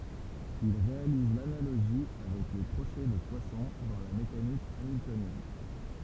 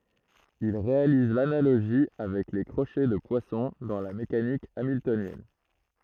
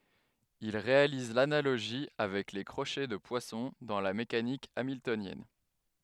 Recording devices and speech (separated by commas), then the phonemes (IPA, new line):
temple vibration pickup, throat microphone, headset microphone, read sentence
il ʁealiz lanaloʒi avɛk le kʁoʃɛ də pwasɔ̃ dɑ̃ la mekanik amiltonjɛn